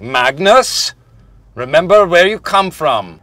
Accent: Norwegian accent